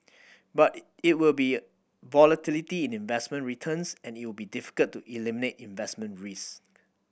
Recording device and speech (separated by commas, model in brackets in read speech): boundary microphone (BM630), read sentence